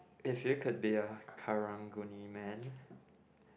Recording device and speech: boundary microphone, conversation in the same room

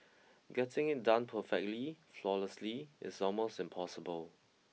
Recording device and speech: mobile phone (iPhone 6), read sentence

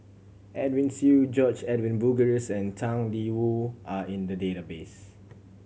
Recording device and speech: mobile phone (Samsung C7100), read sentence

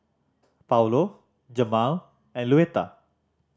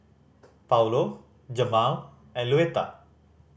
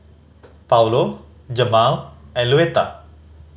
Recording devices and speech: standing microphone (AKG C214), boundary microphone (BM630), mobile phone (Samsung C5010), read sentence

